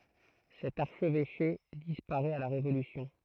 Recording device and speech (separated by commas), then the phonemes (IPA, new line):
throat microphone, read sentence
sɛt aʁʃvɛʃe dispaʁɛt a la ʁevolysjɔ̃